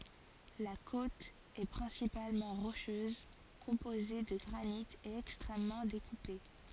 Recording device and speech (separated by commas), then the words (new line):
forehead accelerometer, read sentence
La côte est principalement rocheuse, composée de granite et extrêmement découpée.